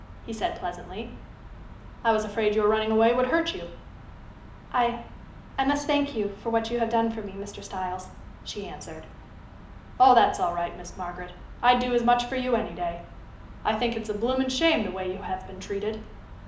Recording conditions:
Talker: one person; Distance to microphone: 2.0 m; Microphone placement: close; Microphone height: 99 cm; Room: medium-sized (5.7 m by 4.0 m); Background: none

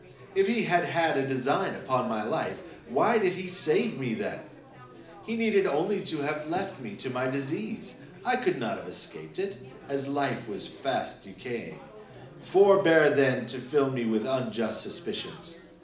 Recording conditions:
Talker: one person; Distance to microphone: 2.0 m; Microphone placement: close; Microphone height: 99 cm; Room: medium-sized (5.7 m by 4.0 m); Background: babble

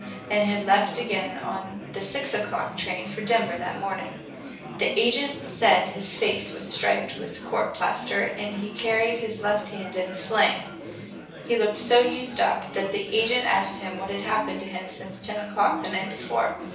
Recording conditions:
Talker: one person; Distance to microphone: 3.0 m; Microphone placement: far; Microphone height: 1.8 m; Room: small (3.7 m by 2.7 m); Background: babble

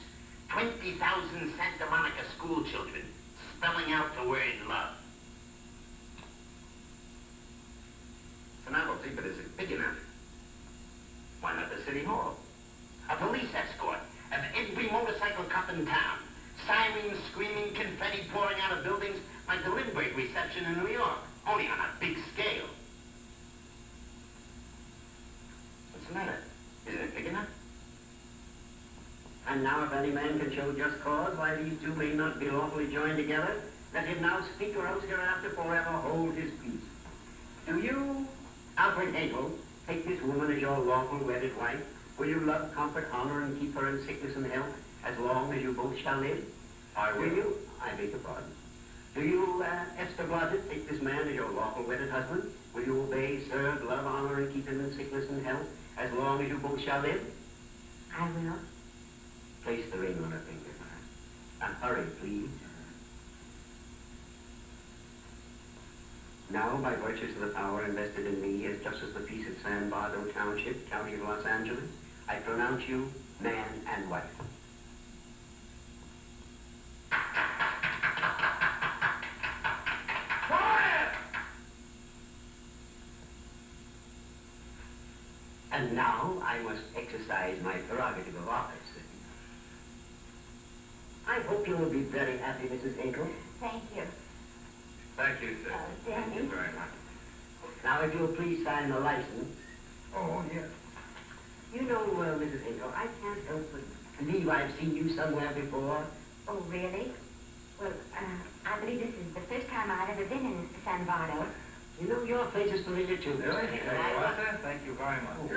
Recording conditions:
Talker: no one; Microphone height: 1.8 m; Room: large; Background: television

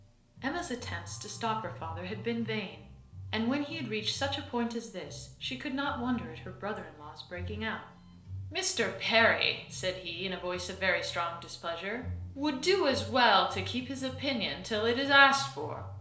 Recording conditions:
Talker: one person; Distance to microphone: 1.0 m; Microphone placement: close; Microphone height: 1.1 m; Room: small (3.7 m by 2.7 m); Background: music

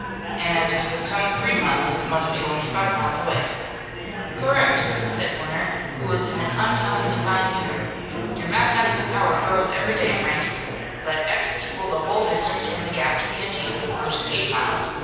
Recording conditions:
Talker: one person; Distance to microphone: 7.1 m; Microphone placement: far; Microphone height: 1.7 m; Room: very reverberant, large; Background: babble

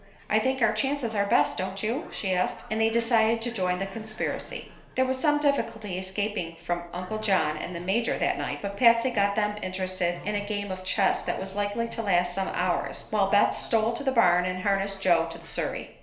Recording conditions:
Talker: one person; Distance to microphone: 1.0 m; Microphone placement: close; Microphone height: 1.1 m; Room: small (3.7 m by 2.7 m); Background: television

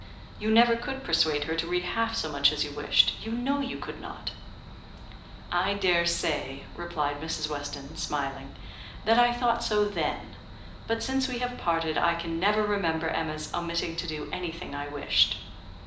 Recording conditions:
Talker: one person; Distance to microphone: 2.0 m; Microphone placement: close; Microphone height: 99 cm; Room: medium-sized (5.7 m by 4.0 m); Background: none

